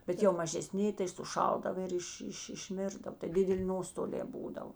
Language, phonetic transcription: Lithuanian, bet jau mažeˈsni tai suˈšaldava ir ˈiš ˈiš išˈmirdav tai ˈdideˌli ˈnostolē ˈbūdav

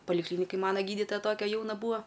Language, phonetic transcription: Lithuanian, paliˈklynikaj ˈmana ˈgyditoja ˈtokia ˈjauna ˈbūa

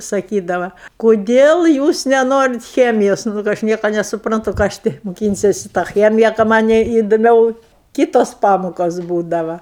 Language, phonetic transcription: Lithuanian, saˈkydava koˈdėl ˈjūs neˈnorit ˈchemijos nu ka ˈaš ˈnieko nesupranˈtu ˈką aš ti muˈkynsesi tą ˈchemija ka ˈmanei iduˈmiau ˈkytos ˈpamokos ˈbūdava

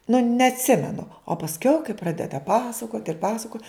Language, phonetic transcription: Lithuanian, nu neatˈsimenu o pasˈkiau kai ˈpradeda ˈpasakot' ir ˈpasakot'

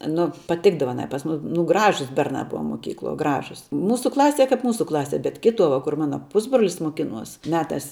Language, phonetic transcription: Lithuanian, ˈnu paˈtikdava aˈnai pas ˈmus nu ˈgražus ˈbernā ˈbuva moˈkykluo ˈgražus ˈmūsu ˈklasie ˈkap ˈmūsu ˈklasie bet ˈkituo va kur ˈmana ˈpusbrolis moˈkinuos meˈtās

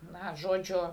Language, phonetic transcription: Lithuanian, ˈna ˈžodžiu

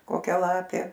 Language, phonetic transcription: Lithuanian, koˈkia ˈlapė

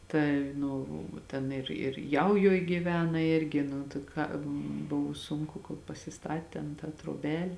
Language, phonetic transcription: Lithuanian, ˈtai ˈnu ˈten ir ir ˈjaujoj gyˈvena ˈirgi nu tai ˈką ˈbuvu ˈsunku kol pasiˈstat tėn tą troˈbel'

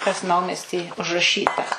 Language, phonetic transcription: Lithuanian, kas ˈnaumesty užraˈšyta

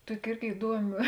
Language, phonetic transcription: Lithuanian, ˈtuoki ˈirgi iˈduomi

